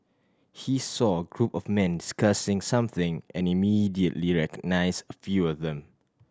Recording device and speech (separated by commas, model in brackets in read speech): standing microphone (AKG C214), read sentence